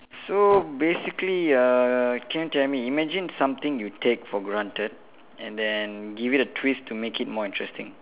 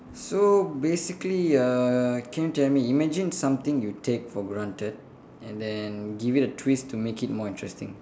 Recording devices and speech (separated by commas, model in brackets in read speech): telephone, standing microphone, conversation in separate rooms